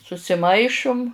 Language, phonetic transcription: Lithuanian, susiˈmaišum

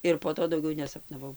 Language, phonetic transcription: Lithuanian, ir po ˈto dauˈgiau nesapnaˈvau

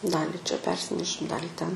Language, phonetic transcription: Lithuanian, ˈdali čia ˈpersinešim ˈdalį ten

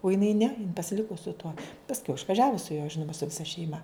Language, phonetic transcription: Lithuanian, u jiˈnai ne pasiˈliku su tuo pasˈkiau išvaˈžiavu su juo ˈžinuma su viˈsa šeiˈma

